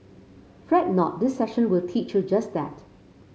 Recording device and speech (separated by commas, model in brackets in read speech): mobile phone (Samsung C5), read sentence